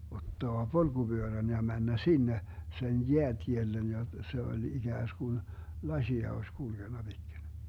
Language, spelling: Finnish, ottaa polkupyörän ja mennä sinne sen jäätielle ja se oli ikään kuin lasia olisi kulkenut pitkin
- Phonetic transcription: 'ottoa "polGuByörän ja 'männä "sinne , 'sen "jeät́iellen ja , 'se oĺ 'iGääsGun , "laśia oś 'kulGenna Bitkin̬ .

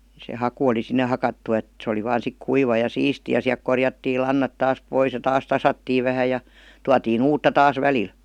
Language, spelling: Finnish, se haku oli sinne hakattu että se oli vain sitten kuiva ja siisti ja sieltä korjattiin lannat taas pois ja taas tasattiin vähän ja tuotiin uutta taas välillä
- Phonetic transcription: se 'haku oli 'sinne hakattu et , se oli 'vaan sik , "kuiva ja "siisti ja siäˡk 'korjattii !lannat 'taas "pois ja 'taas "tasattiiv vähä ja , 'tuatiin "uutta taas "välil .

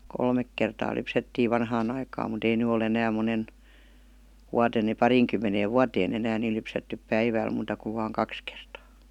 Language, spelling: Finnish, kolme kertaa lypsettiin vanhaan aikaan mutta ei nyt ole enää monen vuotena niin pariinkymmeneen vuoteen enää niin lypsetty päivällä muuta kuin vain kaksi kertaa
- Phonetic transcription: kolmek kertaa 'lypsettiiv 'vanhaan ‿aikaam mut ‿ei 'ny o'l ‿enääm monen , 'wuaten ni 'pariiŋkymmeneev "vuatee'n ‿enään ni 'lypsettyp "päivä̀l muuta kuv vaaŋ 'kaks kertaa .

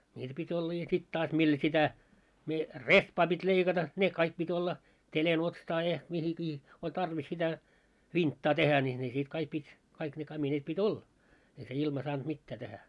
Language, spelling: Finnish, niitä piti olla ja sitten taas millä sitä - rehpaa piti leikata ne kaikki piti olla ja mihinkin oli tarvis sitä vinttaa tehdä niin ne sitten kaikki piti kaikki ne kamineet piti olla ei se ilma saanut mitään tehdä
- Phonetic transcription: 'ńiitä pit́ ‿olla ja 'sit 'taas mil 'sitä , mie- , "rehpaa pit́ leikata , 'ne kaik pit́ 'olla , ja , mihikii , 'oĺ tarvis sitä , "vinttaa tehä ńi , ne sit 'kaik 'pit́ , kaik ne 'kamineet 'pi"t́ ‿olla , ei se 'ilma saant 'mittää tehä .

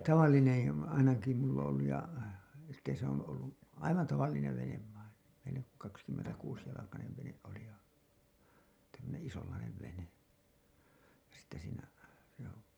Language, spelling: Finnish, ei tavallinen ainakin minulla on ollut ja sitten se on ollut aivan tavallinen vene vain vene kaksikymmentäkuusijalkainen vene oli ja että semmoinen isonlainen vene ja sitten siinä joo
- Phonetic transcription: 'èi , 'tavallinen , ainaki mull ‿on ‿olluj ja , sitte se ‿on ollu , "aivan 'tavallinev venev vain , venek kakskymmentäkuusjalakanev veneˀ ˀoli ja , (et)tä semmonen "isollainev 'vene , ja sitte siinä , joo .

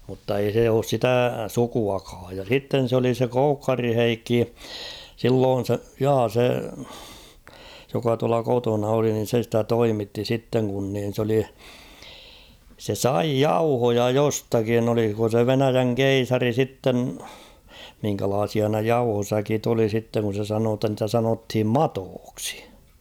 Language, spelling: Finnish, mutta ei se ole sitä sukuakaan ja sitten se oli se Koukkarin Heikki silloin se ja se joka tuolla kotona oli niin se sitä toimitti sitten kun niin se oli se sai jauhoja jostakin oliko se Venäjän keisari sitten minkälaisia ne jauhosäkit oli sitten kun se sanoi jotta niitä sanottiin matoiksi
- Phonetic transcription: mutta ei se oos "sitä̀ 'sukuakaaj ja 'sitten̬ s ‿oli se 'Koukkari "Heikki , 'silloon̬ se , 'jaa se , joka tuala 'kotona oli nin̬ se ‿stä "toimitti 'sitteŋ kun niin̬ s ‿oli , se "sai "jauhoja 'jostakin ‿oliko se "Venäjäŋ "keisari 'sitten , miŋkälaasia ne "jauhosäkit ‿oli sitteŋ kun̬ se sanoo ‿tta ‿ntä 'sanothim "matooksi .

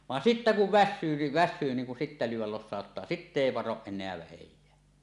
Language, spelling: Finnish, vaan sitten kun väsyy niin väsyy niin kun sitten lyödä losauttaa sitten ei varo enää vähääkään
- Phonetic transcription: van 'sittä kuv "vässyy ni , väs̆syy niiŋ kun sittä lyyw̆wäl 'los̆sàot-taa , "sitte 'èi varoˀ ˀen̆neä "vähej̆jää .

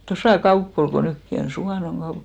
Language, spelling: Finnish, tuossa kauppa oli kun nytkin on Suvannon kauppa
- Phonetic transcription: 'tosà "kaupp ‿ol ko 'nykki on , 'Suvànoŋ ɢaup .

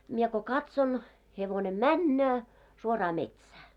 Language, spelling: Finnish, minä kun katson hevonen menee suoraan metsään
- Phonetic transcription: mie ko "katson , hevone "männöö , suoraa 'metsää .

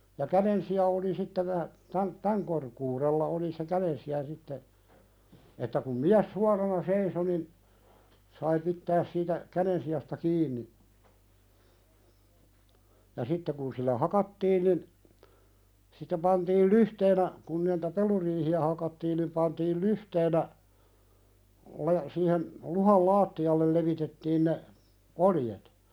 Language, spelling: Finnish, ja kädensija oli sitten - - tämän korkeudella oli se kädensija sitten että kun mies suorana seisoi niin sai pitää siitä kädensijasta kiinni ja sitten kun sillä hakattiin niin sitten pantiin lyhteenä kun niitä peluriihiä hakattiin niin pantiin lyhteenä ne siihen luhdan lattialle levitettiin ne oljet
- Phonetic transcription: ja "käðensi₍a oli sitte vä- , 'tän , "täŋ korkuuðella oli se 'käðensi₍a sitte , että kum 'miäs "suarana 'seiso nin , sai pittääs siitä , "käðensi₍asta 'kiin̆ni , ja 'sitte kun sillä "hakattiin nin , sittem pantiil "lyhteenä , kun (niitä) "peluriihi₍ä hakattiin nim 'pantiil "luhteenä , (ne) , siihen , 'luhal "laatti₍allel levitettiin ne , "oljet .

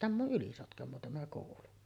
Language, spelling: Finnish, tämä on Ylisotkamoa tämä koulu
- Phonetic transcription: 'tämᵐ ‿o , '’Ylisotkamoo tämä kòulu .

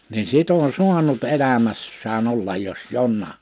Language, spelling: Finnish, niin sitten on saanut elämässään olla jos jonakin
- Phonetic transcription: ni 'sit ‿on "suanut 'elämässää'n ‿ollaj jos "jonnaa .

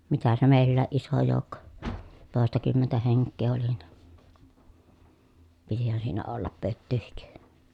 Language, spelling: Finnish, mitä se meilläkin iso joukko toistakymmentä henkeä oli niin pitihän siinä olla pötyäkin
- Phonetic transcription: mitä se mèillääʼ ʼiso jòu̬kko , tòestakymmentä heŋkkee oli nI , pitihän siinä ollap pöttyyhik .

